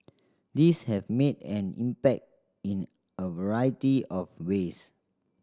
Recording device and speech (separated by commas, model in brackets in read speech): standing microphone (AKG C214), read sentence